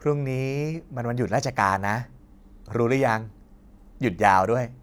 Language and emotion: Thai, happy